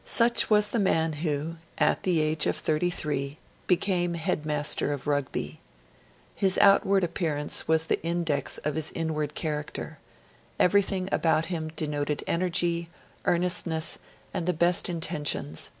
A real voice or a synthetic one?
real